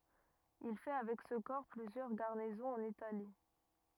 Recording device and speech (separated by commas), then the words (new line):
rigid in-ear microphone, read sentence
Il fait avec ce corps plusieurs garnisons en Italie.